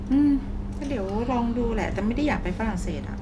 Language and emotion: Thai, frustrated